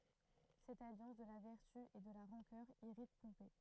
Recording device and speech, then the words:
throat microphone, read sentence
Cette alliance de la vertu et de la rancœur irrite Pompée.

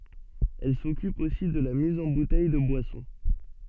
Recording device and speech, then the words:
soft in-ear microphone, read sentence
Elle s'occupe aussi de la mise en bouteilles de boissons.

